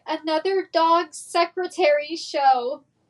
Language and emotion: English, fearful